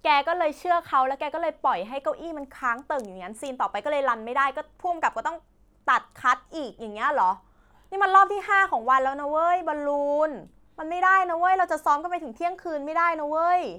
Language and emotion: Thai, frustrated